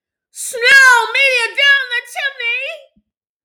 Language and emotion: English, sad